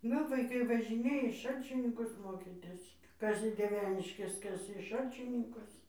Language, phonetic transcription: Lithuanian, ˈnu vaiˈkai važiˈnėja į ˈšalčininkus ˈmokytis ˈkas į dieˈveniškes ˈkas į ˈšalčininkus

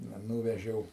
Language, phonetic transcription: Lithuanian, ˈna ˈnūvežiau

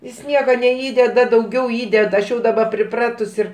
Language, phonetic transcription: Lithuanian, jis ˈnieka neˈįdeda dauˈgiau ˈįdeda aš ˈjau daˈba priˈpratus ir

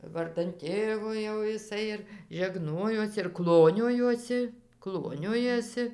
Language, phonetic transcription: Lithuanian, ˈvardan ˈtėvo jau jiˈsai ir žeˈgnojos ir ˈkloniojosi ˈkloniojosi

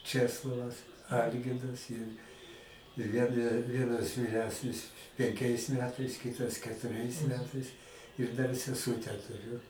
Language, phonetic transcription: Lithuanian, ˈčeslovas ˈalgirdas ir ir ˈvien ˈvienas vyˈresnis penˈkiais ˈmetais ˈkitas ketuˈriais ˈmetais ir ˈdar seˈsūtę tuˈriu

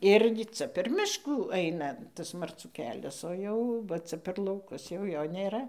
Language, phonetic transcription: Lithuanian, ˈirgi ˈca per ˈmiškų ˈaina ˈtas marˈcų ˈkelias o ˈjau va ˈca per lauˈkus jau ˈjo nėˈra

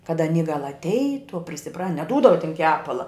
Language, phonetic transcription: Lithuanian, kad aˈny gal atˈeitu a prisiˈpra neˈdūdava tin ˈkepala

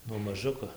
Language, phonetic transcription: Lithuanian, nuo maˈžuko

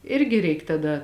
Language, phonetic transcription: Lithuanian, ˈirgi ˈreik taˈda

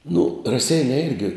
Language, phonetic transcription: Lithuanian, nu raˈseiniai ˈirgi

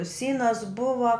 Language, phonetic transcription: Lithuanian, ˈsynas ˈbuva

